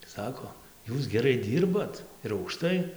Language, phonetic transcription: Lithuanian, ˈsako ˈjūs geˈrai ˈdyrbat ir aukˈštai

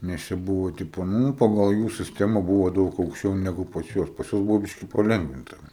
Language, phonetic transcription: Lithuanian, nes ˈčia ˈbuvo ˈtipo ˈnū ˈpagal jų sisˈtema ˈbuvo ˈdaug aukšˈčiau neˈgu pas ˈjuos pas ˈjuos ˈbuvo ˈbiški paˈlengvinta

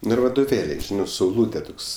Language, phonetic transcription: Lithuanian, ˈnu ir vadoˈvėliai ˈžinɜ sauˈlūtė ˈtoks

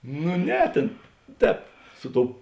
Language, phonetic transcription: Lithuanian, nu ˈne ˈtėn ˈtēp ˈsu ˌtou

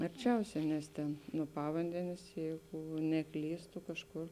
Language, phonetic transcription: Lithuanian, arˈčiausia nes ˈtėn nuo ˈpavandenės ˈjeigu neˈklystu kažˈkur

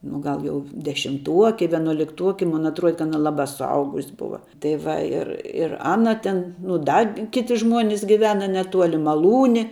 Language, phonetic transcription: Lithuanian, nu ˈgal ˈjau dešimˈtuoki vienuolikˈtuoki ˈmun atˈruode ka ˈana ˈlaba suˈaugus' ˈbuva tai ˈva ˈir ir ˈana tin nu ˈda ˈkiti ˈžmuonis giˈvena neˈtuoli maˈlūni

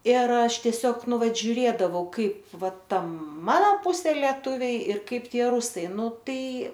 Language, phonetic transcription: Lithuanian, ir ˈaš tieˈsiog ˈnu ˈvat žiuˈrėdavau ˈkaip ˈva ˈta ˈmana ˈpusė lieˈtuviai ir ˈkaip ˈtie ˈrusai ˈnu ˈtai

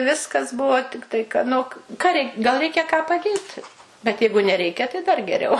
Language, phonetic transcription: Lithuanian, ˈviskas ˈbuvo ˈtiktai ka ˈnu k ka rei gal ˈreikia ką paˈdėt bet ˈjeigu neˈreikia tai ˈdar geˈriau

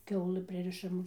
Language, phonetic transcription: Lithuanian, ˈkiaulɨ ˈpririšam

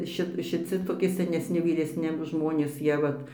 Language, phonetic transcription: Lithuanian, ˈšit šiˈci toˈki senesˈni vyˈresni ˈžmonės ˈjie vat

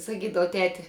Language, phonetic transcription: Lithuanian, saˈkydava ˈteti

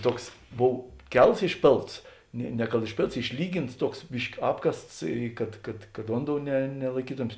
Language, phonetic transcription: Lithuanian, ˈtuoks ˈbov ˈkels išˈpėlts ˈnė ne kad išˈpėlts išˈlygins ˈtuoks ˈbiški ˈapkasts ˈkad kad kad ˈvonˌdou ne nelaiˈkytomės

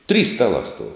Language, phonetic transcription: Lithuanian, trys ˈstalā stuov

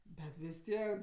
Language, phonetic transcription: Lithuanian, bet vis ˈtiek

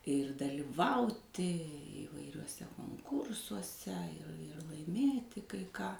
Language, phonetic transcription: Lithuanian, ir daliˈvauti įvairiuoˈse konˈkursuose i ir laiˈmėti kai ˈką

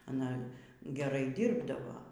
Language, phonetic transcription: Lithuanian, aˈna geˈrai ˈdyrbdavo

